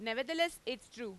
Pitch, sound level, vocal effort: 240 Hz, 96 dB SPL, loud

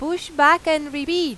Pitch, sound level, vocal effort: 315 Hz, 96 dB SPL, very loud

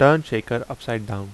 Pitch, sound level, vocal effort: 120 Hz, 85 dB SPL, normal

